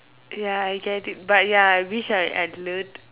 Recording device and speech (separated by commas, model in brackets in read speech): telephone, conversation in separate rooms